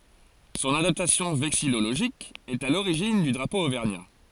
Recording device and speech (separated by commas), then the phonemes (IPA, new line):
forehead accelerometer, read sentence
sɔ̃n adaptasjɔ̃ vɛksijoloʒik ɛt a loʁiʒin dy dʁapo ovɛʁɲa